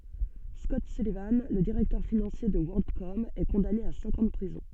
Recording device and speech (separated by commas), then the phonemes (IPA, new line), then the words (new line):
soft in-ear microphone, read sentence
skɔt sylivɑ̃ lə diʁɛktœʁ finɑ̃sje də wɔʁldkɔm ɛ kɔ̃dane a sɛ̃k ɑ̃ də pʁizɔ̃
Scott Sullivan, le directeur financier de WorldCom, est condamné à cinq ans de prison.